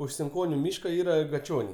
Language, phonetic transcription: Lithuanian, už sinˈkoniu ˈmyška ˈyra gaˈčioniai

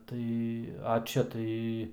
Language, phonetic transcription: Lithuanian, ˈtai a ˈčia tai

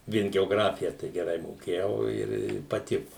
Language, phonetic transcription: Lithuanian, ˈvien geoˈgrafija tai geˈrai moˈkėjau ir i paˈtiku

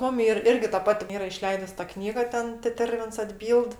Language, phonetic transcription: Lithuanian, ˈmum ˈyr ˈirgi ta ˈpati ˈyra iˈšleidus ta ˈknyga ˈten teˈtervins atˈbyld

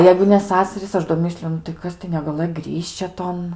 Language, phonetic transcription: Lithuanian, ˈjeigu ne ˈsasarys ˈaš do ˈmisliu nu tai ˈkas tai negaˈlɘj ˈgrišče ˈton

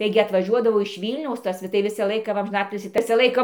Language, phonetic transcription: Lithuanian, ˈtaigi atvaˈžiuodavo iš ˈvylniaus ˈtas tai ˈvisą ˈlaiką ˈva amžiˈnatilsį ˈvisą ˈlaiką

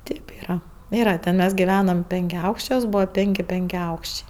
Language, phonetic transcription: Lithuanian, ˈtėp ˈyra ˈyra ten ˈmes giˈvenam penkiaˈaukščiuos ˈbūva ˈpėnki penkiaˈaukščiai

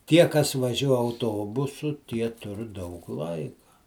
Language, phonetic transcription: Lithuanian, ˈtie kas vaˈžiuo auˈtobusu ˈtie ˈtur daug ˈlaika

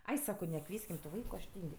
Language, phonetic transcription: Lithuanian, ˈai ˈsako neˈkvieskim tu ˈvaiku aš ˈtyng'

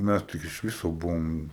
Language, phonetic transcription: Lithuanian, ˈmæs tik iš ˈviso ˈbuvom

